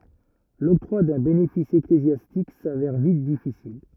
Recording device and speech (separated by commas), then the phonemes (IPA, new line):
rigid in-ear microphone, read sentence
lɔktʁwa dœ̃ benefis eklezjastik savɛʁ vit difisil